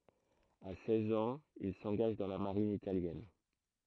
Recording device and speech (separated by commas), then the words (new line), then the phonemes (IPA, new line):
throat microphone, read sentence
À seize ans, il s'engage dans la Marine italienne.
a sɛz ɑ̃z il sɑ̃ɡaʒ dɑ̃ la maʁin italjɛn